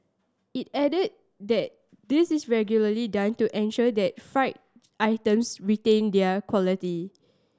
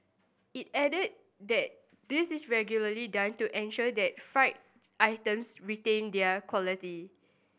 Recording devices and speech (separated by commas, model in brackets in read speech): standing microphone (AKG C214), boundary microphone (BM630), read sentence